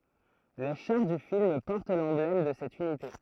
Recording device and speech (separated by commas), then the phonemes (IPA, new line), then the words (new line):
throat microphone, read sentence
le ʃaʁ dy film pɔʁt lɑ̃blɛm də sɛt ynite
Les chars du film portent l'emblème de cette unité.